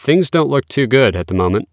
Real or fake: real